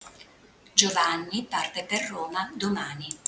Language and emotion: Italian, neutral